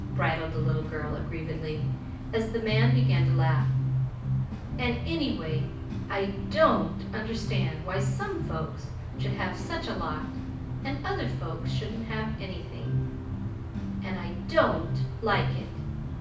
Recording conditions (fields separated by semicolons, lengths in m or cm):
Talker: one person; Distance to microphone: 5.8 m; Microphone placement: far; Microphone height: 1.8 m; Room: medium-sized (5.7 m by 4.0 m); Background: music